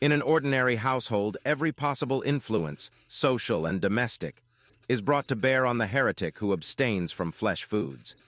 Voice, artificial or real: artificial